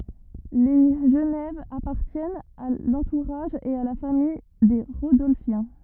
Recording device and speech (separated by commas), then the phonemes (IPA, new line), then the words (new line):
rigid in-ear microphone, read sentence
le ʒənɛv apaʁtjɛnt a lɑ̃tuʁaʒ e a la famij de ʁodɔlfjɛ̃
Les Genève appartiennent à l'entourage et à la famille des Rodolphiens.